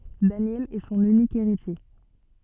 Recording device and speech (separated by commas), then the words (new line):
soft in-ear microphone, read sentence
Daniel est son unique héritier.